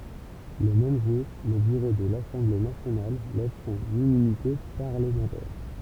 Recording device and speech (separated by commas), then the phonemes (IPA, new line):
temple vibration pickup, read sentence
lə mɛm ʒuʁ lə byʁo də lasɑ̃ble nasjonal lɛv sɔ̃n immynite paʁləmɑ̃tɛʁ